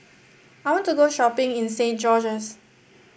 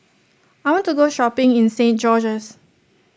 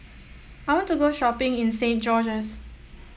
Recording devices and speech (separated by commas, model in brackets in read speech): boundary microphone (BM630), standing microphone (AKG C214), mobile phone (iPhone 7), read sentence